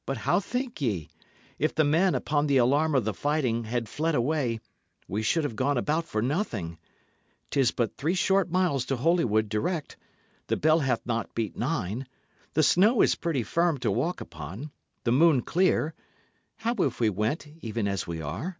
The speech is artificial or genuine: genuine